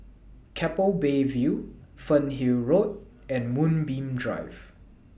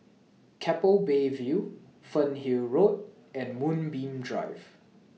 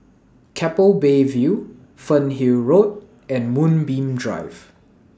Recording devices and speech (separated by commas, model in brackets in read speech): boundary microphone (BM630), mobile phone (iPhone 6), standing microphone (AKG C214), read sentence